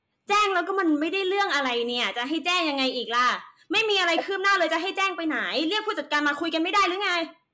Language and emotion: Thai, angry